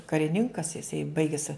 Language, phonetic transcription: Lithuanian, kariˈninkas jiˈsai ˈbaiges

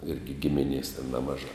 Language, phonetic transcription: Lithuanian, ˈirgi ˈgiminės ten ˈnemažā

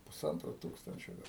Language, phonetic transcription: Lithuanian, puˈsantro ˈtūkstančio ˈgal

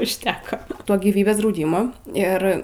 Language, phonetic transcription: Lithuanian, užˈteko ˈto gyˈvybės drauˈdymo ˈir

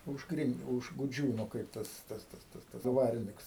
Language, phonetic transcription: Lithuanian, užˈkrint už guˈdžiūnu ˈkaip tas ˈtas ˈtas tas ˈdvariniks

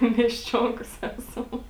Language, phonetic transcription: Lithuanian, miesˈčionkos ˈesam

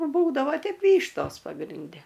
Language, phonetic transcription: Lithuanian, ˈbūdavo ˈteip ˈvyštos pagrinˈde

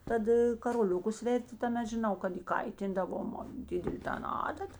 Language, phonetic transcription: Lithuanian, ˈtad karoˈliukus ˈverti taˈmet žiˈnau kad įˈkaitindavom ˈdidelė ˈtan ˈadat

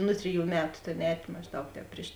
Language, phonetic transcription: Lithuanian, ˈnu triˌjų ˈmetu ˈtėn ˈēt' mažˈdaug ˈtēp priš

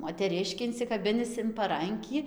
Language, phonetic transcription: Lithuanian, moteˈriškį insikaˈbinis in paˈrankį

